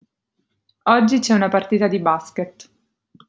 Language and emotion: Italian, neutral